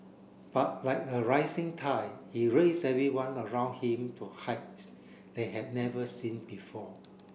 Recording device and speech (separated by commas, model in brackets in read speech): boundary microphone (BM630), read sentence